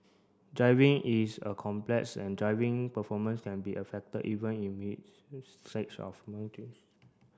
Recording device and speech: standing microphone (AKG C214), read sentence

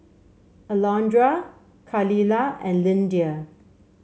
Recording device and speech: mobile phone (Samsung C7), read sentence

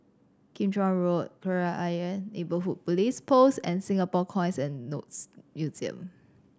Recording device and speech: standing microphone (AKG C214), read sentence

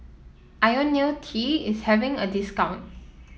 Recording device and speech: mobile phone (iPhone 7), read sentence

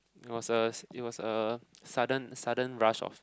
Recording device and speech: close-talking microphone, conversation in the same room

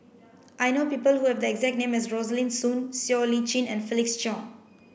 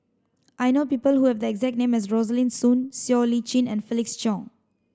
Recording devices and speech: boundary microphone (BM630), standing microphone (AKG C214), read sentence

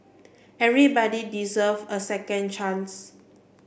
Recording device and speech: boundary microphone (BM630), read sentence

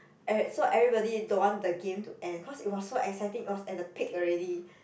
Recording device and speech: boundary microphone, conversation in the same room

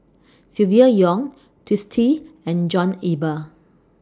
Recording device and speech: standing microphone (AKG C214), read sentence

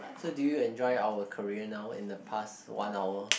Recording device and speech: boundary microphone, conversation in the same room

